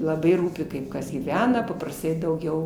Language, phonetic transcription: Lithuanian, laˈbai ˈrūpi ˈkaip ˈkas gyˈvena paprasˈtai dauˈgiau

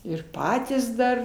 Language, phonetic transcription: Lithuanian, ir ˈpatys ˈdar

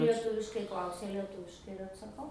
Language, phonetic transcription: Lithuanian, lieˈtuviškai ˈklausia lieˈtuviškai ir atsaˈkau

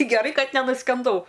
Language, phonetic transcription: Lithuanian, geˈrai ˈkad nenuskenˈdau

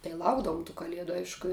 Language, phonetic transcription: Lithuanian, tai ˈlaukdavum tų kaˈliedu ˈaišku

